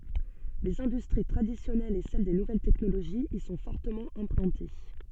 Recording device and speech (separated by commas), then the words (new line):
soft in-ear microphone, read sentence
Les industries traditionnelles et celles des nouvelles technologies y sont fortement implantées.